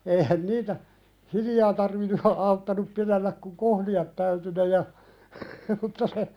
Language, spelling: Finnish, eihän niitä hiljaa tarvinnut - auttanut pidellä kun kohlia täytyi ne ja mutta se
- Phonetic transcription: 'eihän "niitä , "hiljaa tarvinnu ha- 'auttanup pilelläk kuŋ "kohli₍at täyty ne ja , mutta se ,.

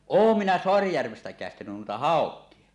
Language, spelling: Finnish, olen minä Saarijärvestä - käestänyt noita haukia
- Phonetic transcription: òum minä 'Soarijärvest ä kä̀estänyn nuita "hàok̆kie .

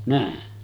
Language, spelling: Finnish, näin
- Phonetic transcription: nä̀e .

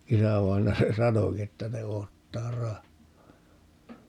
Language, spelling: Finnish, isävainaja se sanoikin että ne odottaa rahaa
- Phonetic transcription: 'isävainaja 'se "sanoki että » 'ne 'oottaa "rahhaa » .

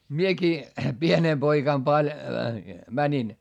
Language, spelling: Finnish, minäkin pienenä poikana - menin
- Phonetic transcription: miekii , pienee poikam paĺ- , mäńin .

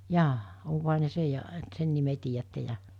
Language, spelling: Finnish, jaa onkohan ne sen ja että sen nimen tiedätte ja
- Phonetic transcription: 'jaa , oŋkoha ne 'sej ja , et 'sen nime tiijätte 'ja .

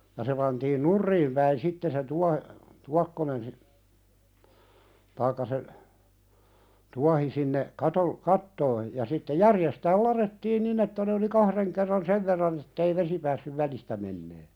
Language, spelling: Finnish, ja se pantiin nurin päin sitten se - tuokkonen - tai se tuohi sinne - kattoon ja sitten järjestään ladottiin niin että ne oli kahden kerran sen verran että ei vesi päässyt välistä menemään
- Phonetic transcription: ja se pantiin "nurriim päin 'sitte se "tua- , "tuakkonen si- , 'taikka se , "tuahi sinne , 'katol- "kattoo , ja sitte "järjestääl 'lare̳ttiin "nin ‿että ne oli "kahreŋ kerran "sev verran ‿ettei "vesi päässyv 'välistä mennee .

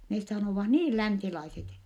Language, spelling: Finnish, ne sanovat niin länsilaiset
- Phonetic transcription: nes sanòvah niil länsilaiset .

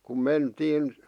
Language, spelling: Finnish, kun mentiin
- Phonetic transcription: kum 'mentiin ,.

